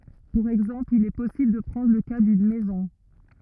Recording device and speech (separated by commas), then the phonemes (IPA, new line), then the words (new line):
rigid in-ear microphone, read sentence
puʁ ɛɡzɑ̃pl il ɛ pɔsibl də pʁɑ̃dʁ lə ka dyn mɛzɔ̃
Pour exemple, il est possible de prendre le cas d'une maison.